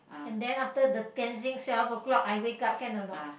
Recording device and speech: boundary microphone, conversation in the same room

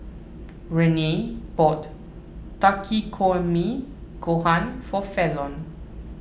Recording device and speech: boundary microphone (BM630), read sentence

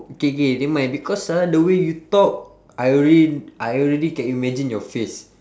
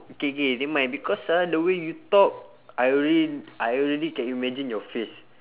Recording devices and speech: standing microphone, telephone, conversation in separate rooms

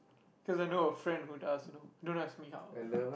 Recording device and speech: boundary microphone, conversation in the same room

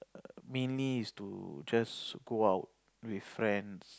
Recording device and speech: close-talking microphone, conversation in the same room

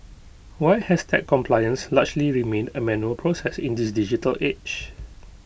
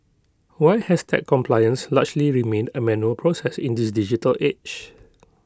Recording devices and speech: boundary microphone (BM630), close-talking microphone (WH20), read sentence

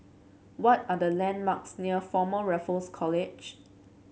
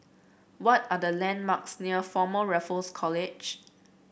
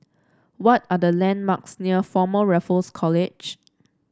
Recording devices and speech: mobile phone (Samsung C7), boundary microphone (BM630), standing microphone (AKG C214), read sentence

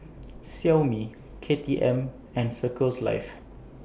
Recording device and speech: boundary microphone (BM630), read sentence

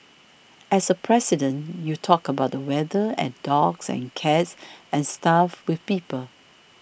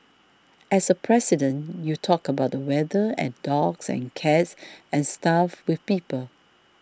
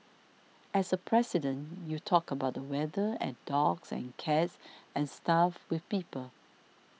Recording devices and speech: boundary microphone (BM630), standing microphone (AKG C214), mobile phone (iPhone 6), read sentence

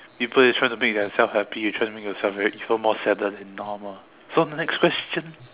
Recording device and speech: telephone, conversation in separate rooms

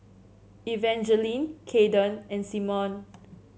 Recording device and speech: mobile phone (Samsung C7), read sentence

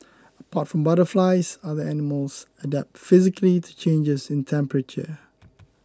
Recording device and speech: close-talking microphone (WH20), read sentence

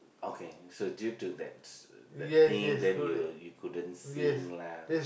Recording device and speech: boundary microphone, conversation in the same room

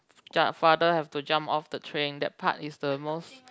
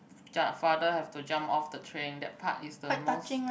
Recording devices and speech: close-talking microphone, boundary microphone, conversation in the same room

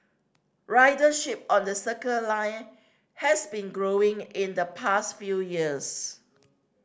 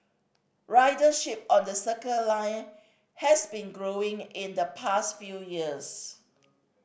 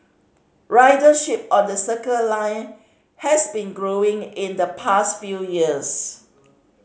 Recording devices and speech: standing microphone (AKG C214), boundary microphone (BM630), mobile phone (Samsung C5010), read sentence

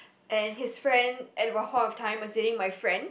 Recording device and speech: boundary microphone, conversation in the same room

